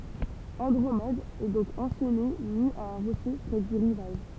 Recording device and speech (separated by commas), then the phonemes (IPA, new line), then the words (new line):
temple vibration pickup, read sentence
ɑ̃dʁomɛd ɛ dɔ̃k ɑ̃ʃɛne ny a œ̃ ʁoʃe pʁɛ dy ʁivaʒ
Andromède est donc enchaînée nue à un rocher près du rivage.